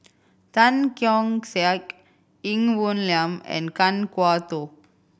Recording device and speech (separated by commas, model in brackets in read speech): boundary microphone (BM630), read sentence